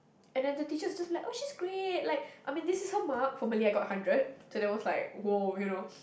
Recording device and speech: boundary microphone, conversation in the same room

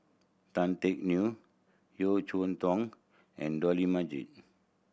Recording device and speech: boundary microphone (BM630), read sentence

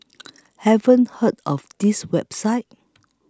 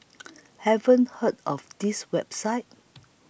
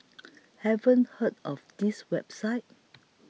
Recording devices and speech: close-talking microphone (WH20), boundary microphone (BM630), mobile phone (iPhone 6), read sentence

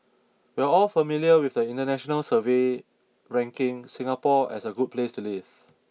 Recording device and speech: mobile phone (iPhone 6), read sentence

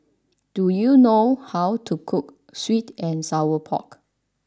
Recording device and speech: standing microphone (AKG C214), read sentence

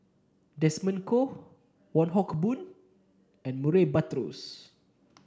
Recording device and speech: standing microphone (AKG C214), read sentence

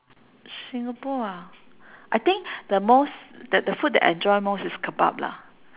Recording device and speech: telephone, conversation in separate rooms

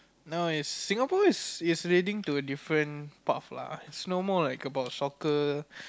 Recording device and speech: close-talking microphone, conversation in the same room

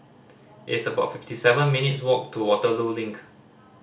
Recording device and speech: standing microphone (AKG C214), read sentence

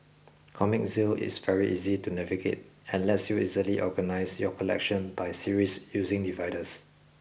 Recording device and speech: boundary microphone (BM630), read sentence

